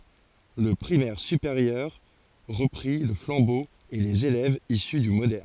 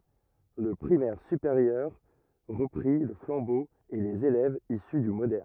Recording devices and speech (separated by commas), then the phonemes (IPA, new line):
forehead accelerometer, rigid in-ear microphone, read sentence
lə pʁimɛʁ sypeʁjœʁ ʁəpʁi lə flɑ̃bo e lez elɛvz isy dy modɛʁn